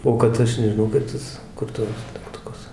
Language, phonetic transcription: Lithuanian, ˈo kad ˈaš nežiˈnau kaip ˈtas kur ˈtuos degtuˈkus

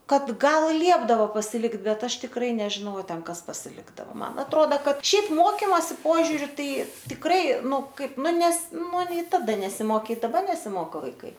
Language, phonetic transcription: Lithuanian, ˈkad ˈgal ˈliepdavo pasiˈlikt ˈbet ˈaš tikˈrai nežiˈnau a ˈten ˈkas pasiˈlikdavo ˈman atˈroda ˈkad ˈšiaip ˈmokimosi ˈpožiūriu ˈtai tikˈrai ˈnu ˈkaip ˈnu nes ˈnu nei ˈtada nesimoˈkė i daˈbar nesiˈmoko vaiˈkai

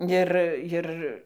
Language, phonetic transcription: Lithuanian, ˈir ˈjir

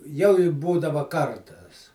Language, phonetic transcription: Lithuanian, jau i ˈbūdava ˈkartas

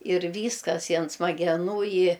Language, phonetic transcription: Lithuanian, ir ˈvyskas i an smageˈnų i

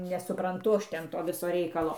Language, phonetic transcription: Lithuanian, nesupranˈtu ˈaš ˈten ˈto ˈviso ˈreikalo

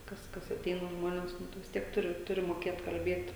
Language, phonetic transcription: Lithuanian, ˈkas kas aˈteina ˈžmonės ˈnu tu vis ˈtiek ˈturi ˈturi moˈkėt kalˈbiet

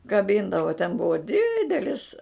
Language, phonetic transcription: Lithuanian, kaˈbindavo ten ˈbuvo ˈdidelis

